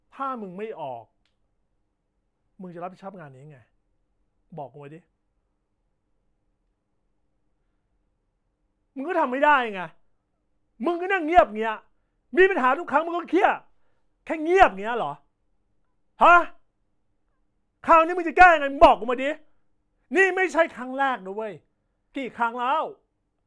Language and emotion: Thai, angry